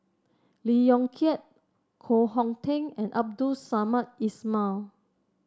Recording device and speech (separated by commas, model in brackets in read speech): standing microphone (AKG C214), read sentence